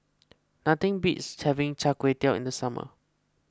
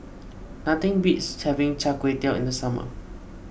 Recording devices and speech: close-talking microphone (WH20), boundary microphone (BM630), read sentence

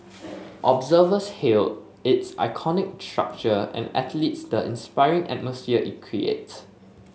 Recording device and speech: mobile phone (Samsung S8), read sentence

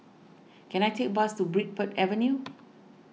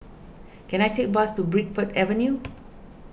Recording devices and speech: mobile phone (iPhone 6), boundary microphone (BM630), read sentence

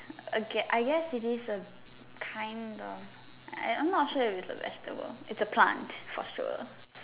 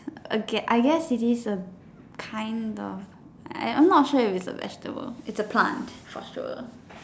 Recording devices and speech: telephone, standing microphone, conversation in separate rooms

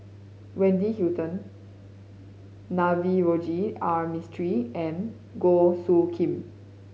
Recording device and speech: mobile phone (Samsung C5010), read sentence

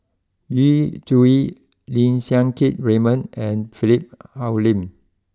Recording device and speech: close-talking microphone (WH20), read sentence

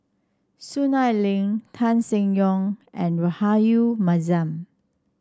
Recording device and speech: standing microphone (AKG C214), read sentence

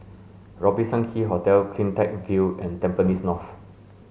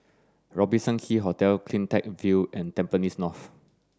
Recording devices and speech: mobile phone (Samsung S8), standing microphone (AKG C214), read sentence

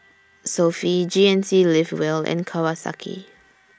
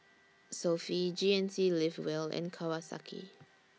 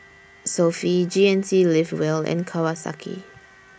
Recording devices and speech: standing microphone (AKG C214), mobile phone (iPhone 6), boundary microphone (BM630), read sentence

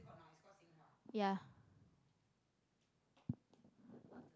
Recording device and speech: close-talking microphone, conversation in the same room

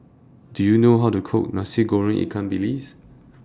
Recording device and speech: standing microphone (AKG C214), read sentence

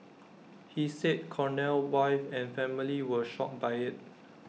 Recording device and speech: mobile phone (iPhone 6), read sentence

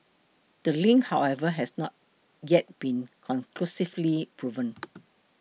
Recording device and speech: mobile phone (iPhone 6), read sentence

